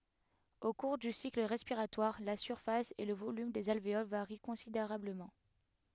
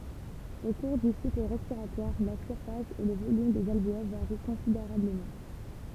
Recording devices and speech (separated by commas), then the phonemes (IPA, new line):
headset microphone, temple vibration pickup, read sentence
o kuʁ dy sikl ʁɛspiʁatwaʁ la syʁfas e lə volym dez alveol vaʁi kɔ̃sideʁabləmɑ̃